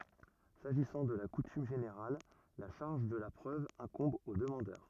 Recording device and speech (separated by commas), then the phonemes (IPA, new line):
rigid in-ear microphone, read sentence
saʒisɑ̃ də la kutym ʒeneʁal la ʃaʁʒ də la pʁøv ɛ̃kɔ̃b o dəmɑ̃dœʁ